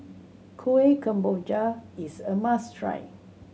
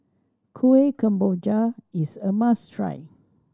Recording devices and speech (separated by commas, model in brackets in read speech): mobile phone (Samsung C7100), standing microphone (AKG C214), read sentence